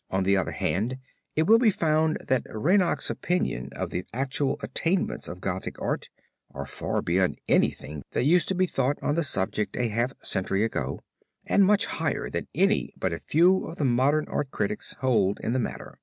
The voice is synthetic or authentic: authentic